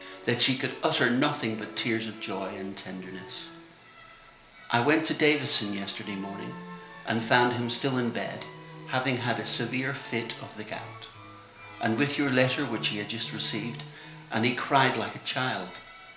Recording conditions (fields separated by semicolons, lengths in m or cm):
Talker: one person; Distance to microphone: 1.0 m; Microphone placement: close; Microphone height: 1.1 m; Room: small (3.7 m by 2.7 m); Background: music